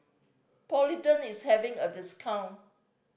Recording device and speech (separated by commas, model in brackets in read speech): boundary microphone (BM630), read sentence